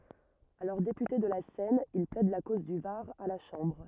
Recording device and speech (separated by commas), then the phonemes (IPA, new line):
rigid in-ear microphone, read sentence
alɔʁ depyte də la sɛn il plɛd la koz dy vaʁ a la ʃɑ̃bʁ